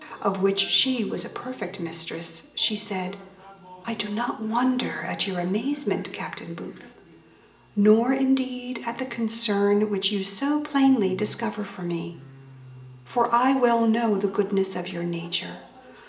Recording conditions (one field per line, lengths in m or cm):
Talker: one person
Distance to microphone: 1.8 m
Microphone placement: close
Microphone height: 1.0 m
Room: large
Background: television